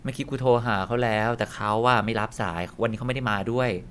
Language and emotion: Thai, frustrated